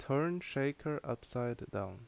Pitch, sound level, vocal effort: 135 Hz, 77 dB SPL, loud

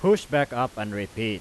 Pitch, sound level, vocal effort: 120 Hz, 95 dB SPL, very loud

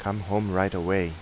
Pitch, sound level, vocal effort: 95 Hz, 86 dB SPL, normal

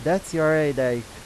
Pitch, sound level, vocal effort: 150 Hz, 92 dB SPL, loud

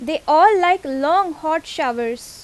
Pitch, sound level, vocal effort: 315 Hz, 90 dB SPL, very loud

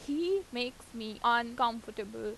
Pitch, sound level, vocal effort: 235 Hz, 88 dB SPL, loud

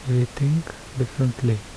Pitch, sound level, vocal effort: 130 Hz, 72 dB SPL, soft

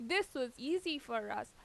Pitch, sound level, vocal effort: 290 Hz, 88 dB SPL, loud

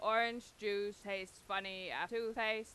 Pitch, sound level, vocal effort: 210 Hz, 95 dB SPL, very loud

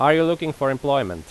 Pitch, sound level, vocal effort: 140 Hz, 91 dB SPL, loud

